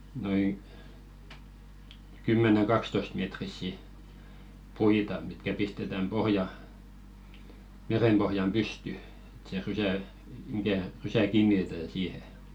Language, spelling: Finnish, noin kymmenen kaksitoistametrisiä puita mitkä pistetään pohjaan merenpohjaan pystyyn että se rysä mikä rysä kiinnitetään siihen
- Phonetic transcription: noiŋ , 'kymmeneŋ 'ɢakstoⁱstmetrissi , "puita mitkä pistetäm 'pohja , 'merempohjam "pysty , ᴇt se 'rysä̀ , mikä̀ , rysä "kiinnitetän 'siihe .

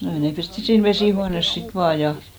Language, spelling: Finnish, no ei ne pestiin siinä vesihuoneessa sitten vaan ja
- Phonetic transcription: no ei ne pesti siin 'vesìhuanes sit 'vaa ja .

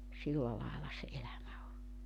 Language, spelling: Finnish, silla lailla se elämä on
- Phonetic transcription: 'silla làella 'se 'elämä o .

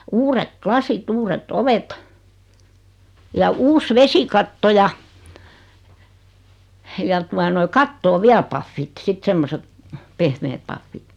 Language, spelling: Finnish, uudet lasit uudet ovet ja uusi vesikatto ja ja tuota noin kattoon vielä pahvit sitten semmoiset pehmeät pahvit
- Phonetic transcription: 'uurek "klasit 'uuret"t ‿ovet , ja 'uus 'vesikatto ja , ja 'tua noi 'kattoo "viäl paffit 'sit 'semmoset , 'pehmeet paffit .

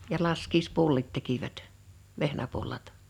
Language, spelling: Finnish, ja laskiaispullat tekivät vehnäpullat
- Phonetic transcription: ja "laskiispullit 'tekivät , "vehnäpullat .

